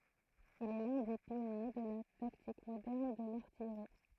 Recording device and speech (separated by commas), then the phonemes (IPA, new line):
throat microphone, read sentence
il ɛ lœ̃ de pjɔnje də la taktik modɛʁn də laʁtijʁi